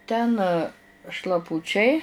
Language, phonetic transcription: Lithuanian, ˈten šlaˈpučiai

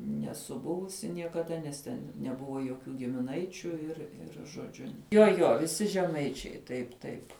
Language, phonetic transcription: Lithuanian, neˈsu ˈbuvusi niekaˈda nes ˈten neˈbuvo jokių gimiˈnaičiu ir ˈir žoˈdžiu jo ˈjo viˈsi žeˈmaičiai taip ˈtaip

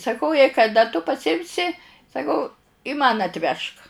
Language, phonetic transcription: Lithuanian, saˈkau jei kaˈda tu pasiˈimsi saˈkau man atˈvežk

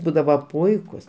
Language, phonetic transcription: Lithuanian, ˈbūdava ˈpuikus

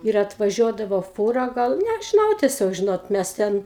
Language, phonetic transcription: Lithuanian, ir atvaˈžiuodavo ˈfūra ˈgal nežiˈnau tieˈsiog ˈžinot ˈmæs ˈten

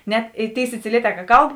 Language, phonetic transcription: Lithuanian, ˈnet i ˈtėi siciˈlieˌtē ka ˈkalb

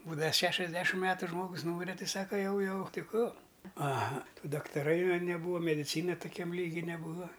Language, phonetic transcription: Lithuanian, ˈbūdava ˈšešiasˌdešim ˈmetu ˈžmogus ˈnūmire ˈti ˈsaka ˈjau ˈjau ˈti ˈkų aˈha ˈtų daktaˈrai va neˈbūva mediˈcyna tuˈkiam ˈlygi neˈbūva

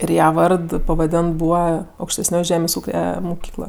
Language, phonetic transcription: Lithuanian, ir ˈja ˈvard pavaˈdėnt ˈbūva aukštesˈnioj ˈžemės' ˈūke muˈkykla

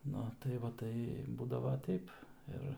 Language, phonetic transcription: Lithuanian, ˈnu tai ˈva ˈtai ˈbūdavo ˈteip ˈir

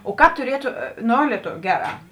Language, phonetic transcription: Lithuanian, o ˈkāp tuˈrietu ˈno leˈtoviu ˈgeˌrā

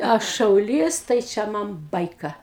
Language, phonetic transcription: Lithuanian, ˈaš šauˈlys tai ˈčia ˈman ˈbaika

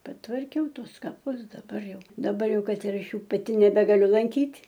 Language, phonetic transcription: Lithuanian, patvarˈkiau ˈtuos kaˈpus daˈbar ˈjau daˈbarˈjau ˈkad ir ˈaš ˈjų paˈti nebegaˈliu lanˈkyt'

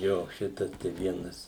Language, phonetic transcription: Lithuanian, ˈjo ˈšitas tai ˈvienas

